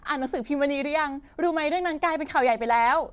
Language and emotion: Thai, happy